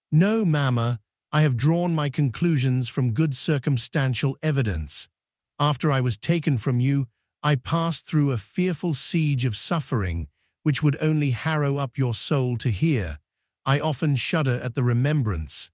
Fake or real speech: fake